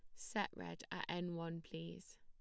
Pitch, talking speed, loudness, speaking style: 165 Hz, 180 wpm, -46 LUFS, plain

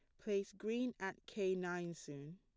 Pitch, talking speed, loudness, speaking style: 190 Hz, 165 wpm, -43 LUFS, plain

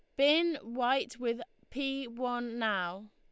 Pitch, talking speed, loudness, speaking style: 245 Hz, 125 wpm, -32 LUFS, Lombard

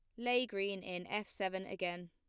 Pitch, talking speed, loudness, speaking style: 190 Hz, 190 wpm, -39 LUFS, plain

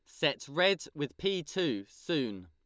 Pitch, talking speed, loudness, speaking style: 150 Hz, 160 wpm, -32 LUFS, Lombard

